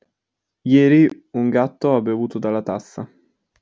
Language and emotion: Italian, neutral